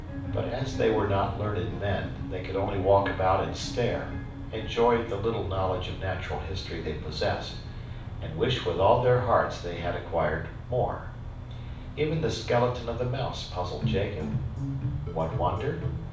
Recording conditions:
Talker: one person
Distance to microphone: 5.8 m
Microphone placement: far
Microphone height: 1.8 m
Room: medium-sized (5.7 m by 4.0 m)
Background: music

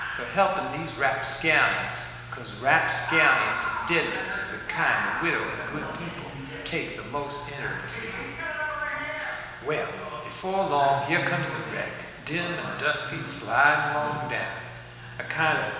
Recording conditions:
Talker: one person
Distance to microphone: 1.7 m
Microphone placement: close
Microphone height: 1.0 m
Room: very reverberant, large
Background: television

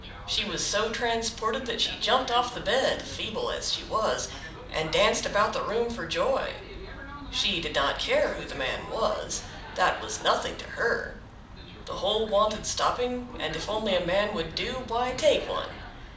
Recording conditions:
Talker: one person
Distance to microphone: 2.0 m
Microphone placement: close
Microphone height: 99 cm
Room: medium-sized (5.7 m by 4.0 m)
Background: television

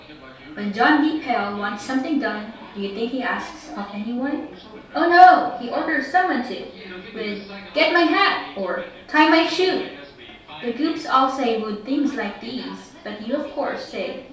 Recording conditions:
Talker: one person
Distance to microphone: 3.0 m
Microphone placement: far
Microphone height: 1.8 m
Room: small (3.7 m by 2.7 m)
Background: television

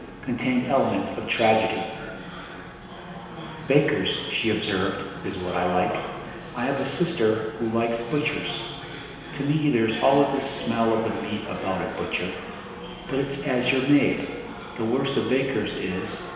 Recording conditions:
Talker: one person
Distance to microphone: 1.7 m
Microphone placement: close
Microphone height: 1.0 m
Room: very reverberant, large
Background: babble

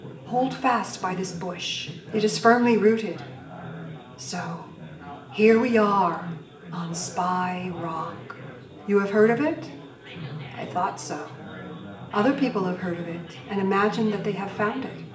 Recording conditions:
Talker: one person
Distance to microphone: 1.8 m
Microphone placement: close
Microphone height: 1.0 m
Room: large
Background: babble

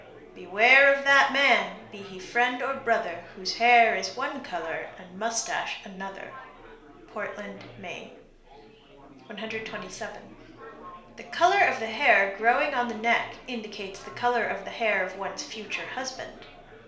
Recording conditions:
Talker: one person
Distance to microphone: 1.0 m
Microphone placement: close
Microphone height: 1.1 m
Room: small (3.7 m by 2.7 m)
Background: babble

